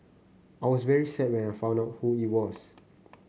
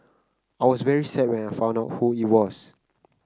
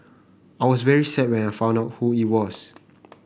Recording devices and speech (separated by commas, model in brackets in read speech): mobile phone (Samsung C9), close-talking microphone (WH30), boundary microphone (BM630), read sentence